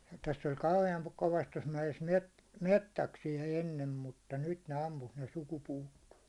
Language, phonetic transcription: Finnish, täss ‿oĺ kauhe₍aŋ kovast tos mäjes 'met- , 'mettäksijä ennem mutta , nyt ne 'ampus ne suku'puuttoon̬ .
- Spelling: tässä oli kauhean kovasti tuossa mäessä - metsäksiä ennen mutta nyt ne ampui ne sukupuuttoon

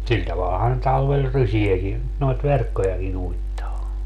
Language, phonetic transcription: Finnish, 'sil tavalhan (ne) 'talvel "rysi₍äki , noit "verkkojaki'n ‿uittaa .
- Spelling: sillä tavallahan ne talvella rysiäkin noita verkkojakin uittaa

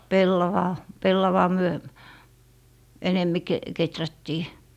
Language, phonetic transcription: Finnish, "pellavaa , 'pellavaa myö , 'enemmi 'ke- , 'keträttii .
- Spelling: pellavaa pellavaa me enemmin - kehrättiin

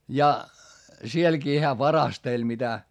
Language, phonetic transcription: Finnish, ja , sielkii hää varasteĺ mitä .
- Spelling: ja sielläkin hän varasteli mitä

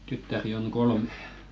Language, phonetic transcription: Finnish, 'tyttäri on̳§ "kolme .
- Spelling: tyttäriä on kolme

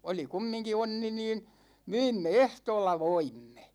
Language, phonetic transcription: Finnish, 'oli "kummiŋki 'onni niin , "myimme "ehtoolla "voimme .
- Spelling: oli kumminkin onni niin myimme ehtoolla voimme

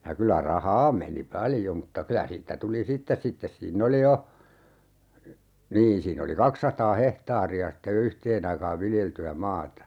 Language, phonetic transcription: Finnish, ja 'kylä "rahaa meni 'paljo mutta 'kylä siittä 'tuli "sittes 'sittes siin'n ‿oli jo , 'niin siinn ‿oli 'kaksataa "hehtaari₍a sitte (jo) 'yhteen ‿aikaav "viljelty₍ä 'maata .
- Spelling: ja kyllä rahaa meni paljon mutta kyllä siitä tuli sitten sitten siinä oli jo niin siinä oli kaksisataa hehtaaria sitten jo yhteen aikaan viljeltyä maata

